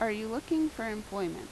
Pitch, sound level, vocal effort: 225 Hz, 83 dB SPL, normal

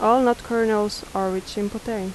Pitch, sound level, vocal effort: 215 Hz, 82 dB SPL, normal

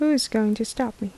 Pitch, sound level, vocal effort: 225 Hz, 75 dB SPL, soft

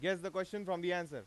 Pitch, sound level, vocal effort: 185 Hz, 96 dB SPL, loud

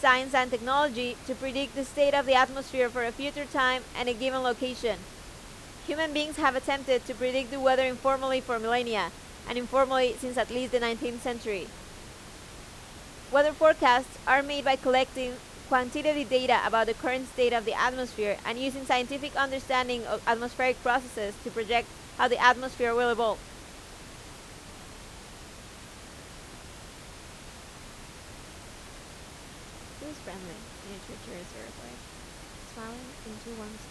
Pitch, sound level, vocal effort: 245 Hz, 91 dB SPL, very loud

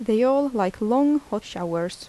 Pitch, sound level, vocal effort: 220 Hz, 82 dB SPL, soft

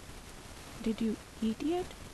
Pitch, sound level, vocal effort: 225 Hz, 74 dB SPL, soft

